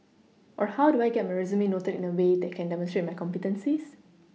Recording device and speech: mobile phone (iPhone 6), read sentence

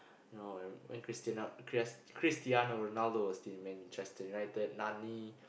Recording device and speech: boundary microphone, conversation in the same room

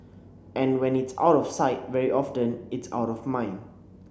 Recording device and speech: boundary microphone (BM630), read sentence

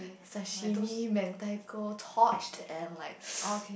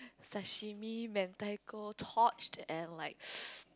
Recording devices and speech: boundary microphone, close-talking microphone, conversation in the same room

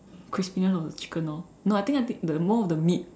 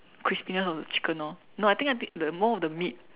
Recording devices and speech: standing microphone, telephone, conversation in separate rooms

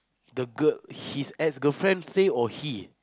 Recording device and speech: close-talking microphone, conversation in the same room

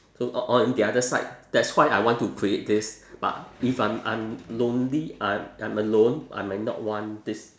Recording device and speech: standing microphone, conversation in separate rooms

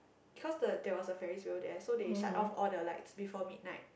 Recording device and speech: boundary microphone, conversation in the same room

